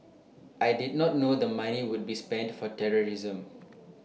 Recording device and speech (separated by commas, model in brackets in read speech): mobile phone (iPhone 6), read sentence